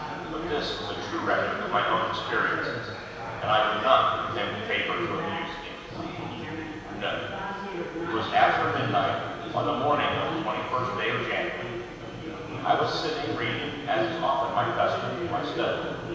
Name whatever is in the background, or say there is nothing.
Crowd babble.